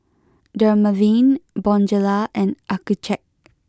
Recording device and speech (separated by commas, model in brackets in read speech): close-talking microphone (WH20), read sentence